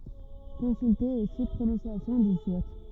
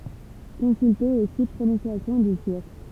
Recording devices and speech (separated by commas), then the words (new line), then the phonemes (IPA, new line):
rigid in-ear microphone, temple vibration pickup, read sentence
Consulter aussi Prononciation du turc.
kɔ̃sylte osi pʁonɔ̃sjasjɔ̃ dy tyʁk